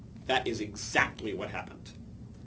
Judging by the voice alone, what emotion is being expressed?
angry